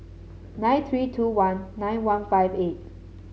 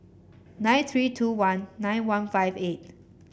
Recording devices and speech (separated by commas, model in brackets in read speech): mobile phone (Samsung C7), boundary microphone (BM630), read sentence